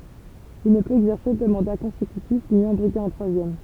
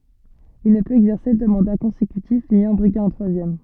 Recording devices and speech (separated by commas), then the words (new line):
temple vibration pickup, soft in-ear microphone, read sentence
Il ne peut exercer deux mandats consécutifs ni en briguer un troisième.